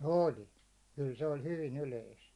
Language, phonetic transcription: Finnish, 'oli , kyl se oĺ 'hyvin 'yleist .
- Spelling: oli kyllä se oli hyvin yleistä

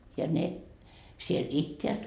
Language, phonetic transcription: Finnish, ja ne , siel "itteät .
- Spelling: ja ne siellä itävät

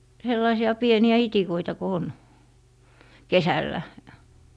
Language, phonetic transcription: Finnish, 'sellaisi₍a 'pieni₍ä "itikoita ko 'on , "kesällä .
- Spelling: sellaisia pieniä itikoita kun on kesällä

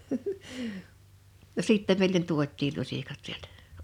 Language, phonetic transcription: Finnish, no 'sìttem mèilen 'tuot̆tiil 'luśikat sieltᴀ̈ .
- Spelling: no sitten meille tuotiin lusikat sieltä

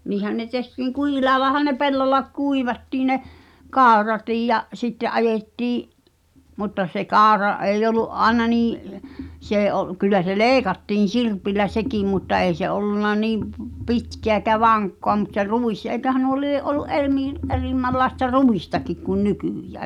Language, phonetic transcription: Finnish, 'niihän ne tehtiiŋ "kuhil(aaᵉ)lahan ne 'pellolla , kuivattii ne , "kàu̬ratiij ja , 'sitte’ '’ajettii’ , mutta se "kàu̬ra '’èij ‿olu’ '’aĕna nii , 's ‿ee ’o- , kyl̆lä se "leeⁱkattiin̬ "sirpillä 'sekìm mutta 'ei se 'ollunna niim p- , "pitkeä ekä "vaŋkkoa mut se "rùis eĭköhä nuo 'lie’ ’olu’ "’er miil- , "’erimmällaesta "ruistakik kun "nykỳjää .
- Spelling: niinhän ne tehtiin kuhilaillahan ne pellolla kuivattiin ne kauratkin ja sitten ajettiin mutta se kaura ei ollut aina niin se ei - kyllä se leikattiin sirpillä sekin mutta ei se ollut niin - pitkää eikä vankkaa mutta se ruis eiköhän nuo lie ollut - - erimmänlaista ruistakin kuin nykyään

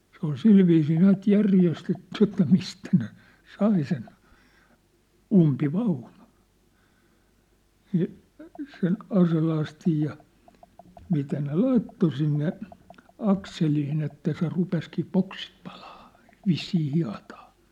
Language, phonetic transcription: Finnish, se ‿ol "silviisii 'näät "järjestetty että 'mistä ne , 'sai sen , "umpi'vaunᴜ(ɴ) , ni , sen , 'aselastij ja , 'mitä ne "laitto sinne , 'akseliin ‿että se 'rupeskii "poksit pᴀʟᴀᴀ , 'vissii 'hia̭tᴀᴀ .
- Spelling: se oli sillä viisiin näet järjestetty että mistä ne sai sen umpivaunun niin sen aselastin ja mitä ne laitto sinne akseliin että se rupesikin poksit palaamaan vissiin hietaa

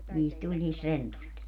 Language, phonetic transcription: Finnish, niist 'tuĺ niist 'rentust .
- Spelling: niistä tuli niistä rentuista

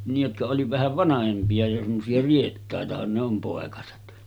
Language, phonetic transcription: Finnish, nij jotka oli 'vähäv "vanahempi₍a jo semmosi₍a 'riettàetahan ne ‿om pòekaset .
- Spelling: niin jotka oli vähän vanhempia jo semmoisia riettaitahan ne on poikaset

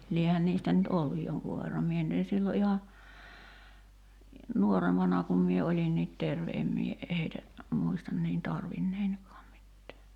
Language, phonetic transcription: Finnish, 'liehän niistä nyt "olluj 'joŋkuv̆ verram 'mie nyt en̬ sillo ’iha , 'nuorempana kum mie 'oĺinniit "terve 'em mie , 'heitä , 'muistan niin "tarvinnein̳§kaam mittää .
- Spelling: liehän niistä nyt ollut jonkun verran minä nyt en silloin ihan nuorempana kun minä olinkin terve en minä heitä muista niin tarvinneenikaan mitään

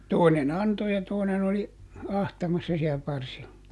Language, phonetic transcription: Finnish, ˈtòine"n ‿anto ja ˈtòinen ‿oli , "ahtamassa si₍ä ˈparsilla .
- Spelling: toinen antoi ja toinen oli ahtamassa siellä parsilla

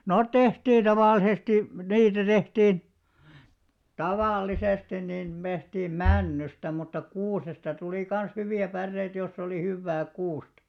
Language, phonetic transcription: Finnish, 'noot 'tehtiiḭ taval̆lisesti , 'niitä tehtiin , 'tavàl'lisesti nin 'mehtiim [pro tehtiin] männysta mutta 'kuusesta tulì kan̬§s 'hyvi₍ä 'pärreit joss ‿olì 'hyvvää 'kuustᴀ .
- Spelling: ne tehtiin tavallisesti niitä tehtiin tavallisesti niin tehtiin - - männystä mutta kuusesta tuli kanssa hyviä päreitä jos oli hyvää kuusta

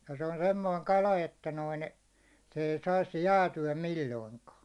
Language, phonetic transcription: Finnish, jᴀ se on 'semmoiŋ 'kala 'että noin , se ei sais 'jääty₍ä 'milloiŋkaa .
- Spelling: ja se on semmoinen kala että noin se ei saisi jäätyä milloinkaan

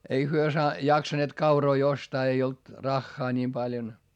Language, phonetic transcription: Finnish, ei hyö saa- , jaksaneet kauroi ostaa ei olt , raχχaa ńiim paljon .
- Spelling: ei he - jaksaneet kauroja ostaa ei ollut rahaa niin paljon

